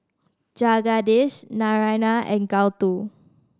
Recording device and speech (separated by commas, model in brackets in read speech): standing microphone (AKG C214), read sentence